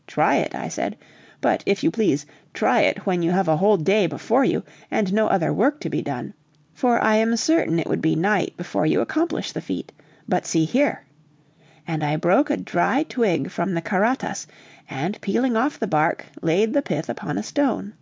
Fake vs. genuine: genuine